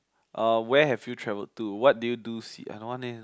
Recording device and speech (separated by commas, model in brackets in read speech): close-talking microphone, conversation in the same room